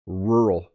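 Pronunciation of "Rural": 'Rural' is said so that its two syllables are barely heard as two. The word comes out almost as one syllable.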